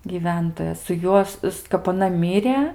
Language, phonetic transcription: Lithuanian, gyˈventoja su ˈjuos s kap aˈna ˈmyrė

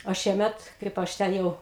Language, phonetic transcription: Lithuanian, o ˈšiemet ˈkaip ˈaš ˈten jau

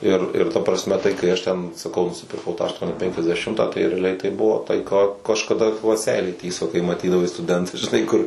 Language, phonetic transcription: Lithuanian, ˈir ir ˈta prasˈme tai kai ˈaš ˈten saˈkau nusipirˈkau ˈtą ašˈtuoni ˌpenkiasdeˈšimtą tai reaˈliai tai ˈbuvo tai ˈką kažkaˈda va ˈseilė ˈtįso kai maˈtydavai stuˈdentas žiˈnai ˈkur

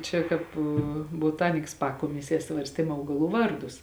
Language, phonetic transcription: Lithuanian, ˈčia ˈkāp boˈtaniks ˈpakomisie ˈsvarstėm ˈaugaˌlų ˈvarˌdus

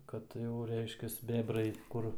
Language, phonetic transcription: Lithuanian, ˈkad jau ˈreiškias ˈbebrai ˈkur

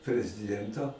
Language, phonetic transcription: Lithuanian, preziˈdiento

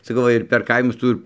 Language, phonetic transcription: Lithuanian, saˈkau ˈva ir per ˈkaimus ˈtų ir

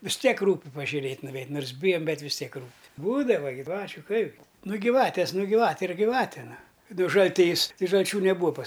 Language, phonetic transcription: Lithuanian, vis ˈtiek ˈrūpi pažiuˈrėt' nuveit' ˈnors ˈbijam ˈbet vis ˈtiek ˈrūpi ˈbūdava giˈvačiu ˈkaipgi nu giˈvatės ˈnu giˈvatė ir giˈvatė ˈnu ˈnu žalˈtys tai žalˈčių neˈbūa pas

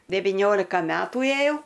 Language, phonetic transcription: Lithuanian, deviˈniolika ˈmetų ėˈjau

